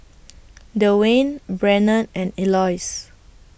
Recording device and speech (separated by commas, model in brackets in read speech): boundary microphone (BM630), read sentence